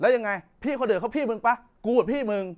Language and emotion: Thai, angry